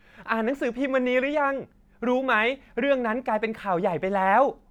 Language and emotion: Thai, happy